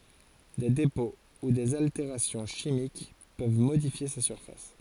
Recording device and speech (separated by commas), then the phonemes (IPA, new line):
forehead accelerometer, read sentence
de depɔ̃ u dez alteʁasjɔ̃ ʃimik pøv modifje sa syʁfas